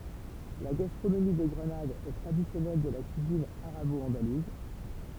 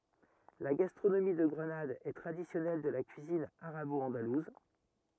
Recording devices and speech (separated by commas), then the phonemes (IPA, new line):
temple vibration pickup, rigid in-ear microphone, read sentence
la ɡastʁonomi də ɡʁənad ɛ tʁadisjɔnɛl də la kyizin aʁabɔɑ̃daluz